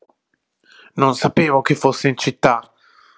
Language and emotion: Italian, angry